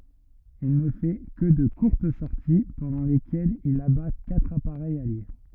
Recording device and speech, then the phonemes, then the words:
rigid in-ear microphone, read sentence
il nə fɛ kə də kuʁt sɔʁti pɑ̃dɑ̃ lekɛlz il aba katʁ apaʁɛjz alje
Il ne fait que de courtes sorties pendant lesquelles il abat quatre appareils alliés.

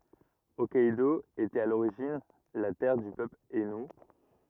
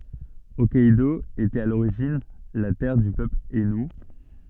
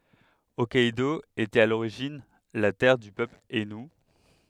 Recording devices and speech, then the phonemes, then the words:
rigid in-ear microphone, soft in-ear microphone, headset microphone, read sentence
ɔkkɛdo etɛt a loʁiʒin la tɛʁ dy pøpl ainu
Hokkaidō était à l'origine la terre du peuple aïnou.

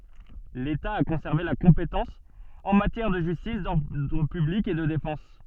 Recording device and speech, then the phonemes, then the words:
soft in-ear microphone, read sentence
leta a kɔ̃sɛʁve la kɔ̃petɑ̃s ɑ̃ matjɛʁ də ʒystis dɔʁdʁ pyblik e də defɑ̃s
L'État a conservé la compétence en matière de justice, d'ordre public et de défense.

